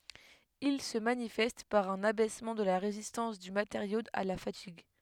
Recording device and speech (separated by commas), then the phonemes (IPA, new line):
headset microphone, read sentence
il sə manifɛst paʁ œ̃n abɛsmɑ̃ də la ʁezistɑ̃s dy mateʁjo a la fatiɡ